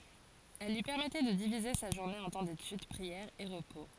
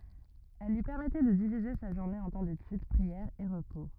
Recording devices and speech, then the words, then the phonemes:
forehead accelerometer, rigid in-ear microphone, read sentence
Elles lui permettaient de diviser sa journée en temps d'étude, prière et repos.
ɛl lyi pɛʁmɛtɛ də divize sa ʒuʁne ɑ̃ tɑ̃ detyd pʁiɛʁ e ʁəpo

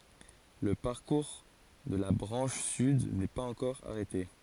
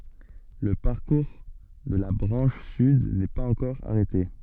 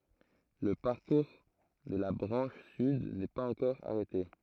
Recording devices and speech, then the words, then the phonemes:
forehead accelerometer, soft in-ear microphone, throat microphone, read sentence
Le parcours de la branche sud n'est pas encore arrêté.
lə paʁkuʁ də la bʁɑ̃ʃ syd nɛ paz ɑ̃kɔʁ aʁɛte

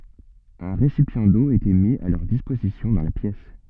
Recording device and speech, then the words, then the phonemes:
soft in-ear microphone, read sentence
Un récipient d’eau était mis à leur disposition dans la pièce.
œ̃ ʁesipjɑ̃ do etɛ mi a lœʁ dispozisjɔ̃ dɑ̃ la pjɛs

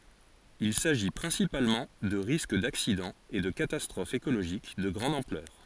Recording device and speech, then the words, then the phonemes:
forehead accelerometer, read sentence
Il s’agit principalement de risques d’accidents et de catastrophes écologiques de grande ampleur.
il saʒi pʁɛ̃sipalmɑ̃ də ʁisk daksidɑ̃z e də katastʁofz ekoloʒik də ɡʁɑ̃d ɑ̃plœʁ

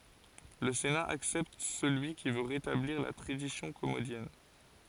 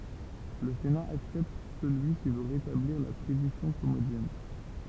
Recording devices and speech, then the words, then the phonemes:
forehead accelerometer, temple vibration pickup, read sentence
Le Sénat accepte celui qui veut rétablir la tradition commodienne.
lə sena aksɛpt səlyi ki vø ʁetabliʁ la tʁadisjɔ̃ kɔmodjɛn

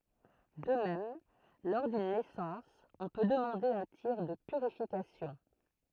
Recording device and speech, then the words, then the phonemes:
throat microphone, read sentence
De même, lors d'une naissance, on peut demander un tir de purification.
də mɛm lɔʁ dyn nɛsɑ̃s ɔ̃ pø dəmɑ̃de œ̃ tiʁ də pyʁifikasjɔ̃

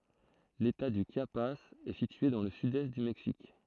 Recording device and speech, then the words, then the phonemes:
throat microphone, read sentence
L'État du Chiapas est situé dans le sud-est du Mexique.
leta dy ʃjapaz ɛ sitye dɑ̃ lə sydɛst dy mɛksik

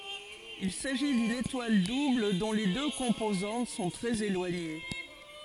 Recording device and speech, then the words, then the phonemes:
forehead accelerometer, read sentence
Il s'agit d'une étoile double dont les deux composantes sont très éloignées.
il saʒi dyn etwal dubl dɔ̃ le dø kɔ̃pozɑ̃t sɔ̃ tʁɛz elwaɲe

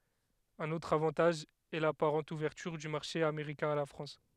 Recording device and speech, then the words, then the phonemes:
headset microphone, read sentence
Un autre avantage est l'apparente ouverture du marché américain à la France.
œ̃n otʁ avɑ̃taʒ ɛ lapaʁɑ̃t uvɛʁtyʁ dy maʁʃe ameʁikɛ̃ a la fʁɑ̃s

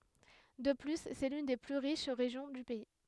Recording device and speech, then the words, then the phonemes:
headset microphone, read sentence
De plus, c'est l'une des plus riches régions du pays.
də ply sɛ lyn de ply ʁiʃ ʁeʒjɔ̃ dy pɛi

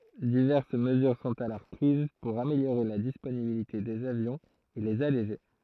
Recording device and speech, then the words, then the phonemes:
throat microphone, read sentence
Diverses mesures sont alors prises pour améliorer la disponibilité des avions et les alléger.
divɛʁs məzyʁ sɔ̃t alɔʁ pʁiz puʁ ameljoʁe la disponibilite dez avjɔ̃z e lez aleʒe

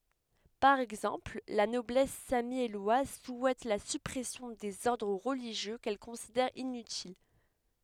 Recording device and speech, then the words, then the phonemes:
headset microphone, read sentence
Par exemple, la Noblesse sammielloise souhaite la suppression des ordres religieux qu'elle considère inutiles.
paʁ ɛɡzɑ̃pl la nɔblɛs samjɛlwaz suɛt la sypʁɛsjɔ̃ dez ɔʁdʁ ʁəliʒjø kɛl kɔ̃sidɛʁ inytil

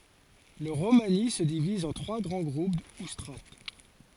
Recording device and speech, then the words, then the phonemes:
forehead accelerometer, read sentence
Le romani se divise en trois grands groupes ou strates.
lə ʁomani sə diviz ɑ̃ tʁwa ɡʁɑ̃ ɡʁup u stʁat

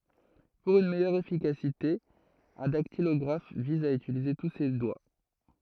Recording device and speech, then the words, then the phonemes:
throat microphone, read sentence
Pour une meilleure efficacité, un dactylographe vise à utiliser tous ses doigts.
puʁ yn mɛjœʁ efikasite œ̃ daktilɔɡʁaf viz a ytilize tu se dwa

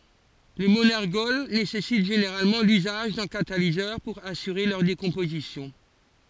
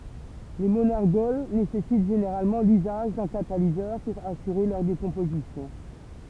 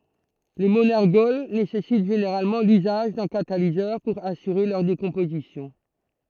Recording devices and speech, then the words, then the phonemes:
forehead accelerometer, temple vibration pickup, throat microphone, read sentence
Les monergols nécessitent généralement l'usage d'un catalyseur pour assurer leur décomposition.
le monɛʁɡɔl nesɛsit ʒeneʁalmɑ̃ lyzaʒ dœ̃ katalizœʁ puʁ asyʁe lœʁ dekɔ̃pozisjɔ̃

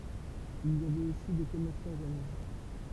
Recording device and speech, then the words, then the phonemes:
temple vibration pickup, read sentence
Il y avait aussi des commerçants romains.
il i avɛt osi de kɔmɛʁsɑ̃ ʁomɛ̃

